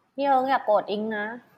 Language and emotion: Thai, frustrated